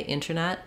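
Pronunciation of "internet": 'Internet' is said with the T sound.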